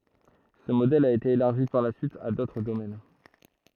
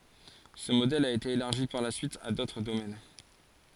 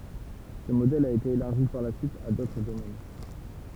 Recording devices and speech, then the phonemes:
throat microphone, forehead accelerometer, temple vibration pickup, read sentence
sə modɛl a ete elaʁʒi paʁ la syit a dotʁ domɛn

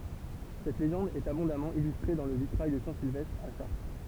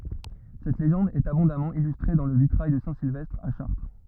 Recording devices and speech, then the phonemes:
temple vibration pickup, rigid in-ear microphone, read sentence
sɛt leʒɑ̃d ɛt abɔ̃damɑ̃ ilystʁe dɑ̃ lə vitʁaj də sɛ̃ silvɛstʁ a ʃaʁtʁ

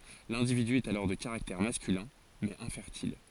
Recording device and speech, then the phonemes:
forehead accelerometer, read sentence
lɛ̃dividy ɛt alɔʁ də kaʁaktɛʁ maskylɛ̃ mɛz ɛ̃fɛʁtil

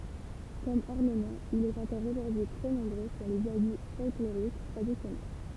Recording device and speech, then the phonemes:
temple vibration pickup, read sentence
kɔm ɔʁnəmɑ̃ il ɛt ɑ̃kɔʁ oʒuʁdyi tʁɛ nɔ̃bʁø syʁ lez abi fɔlkloʁik tʁadisjɔnɛl

